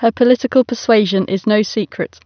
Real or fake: real